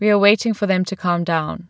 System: none